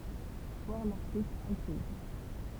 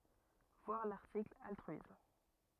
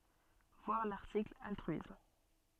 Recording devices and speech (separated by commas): temple vibration pickup, rigid in-ear microphone, soft in-ear microphone, read sentence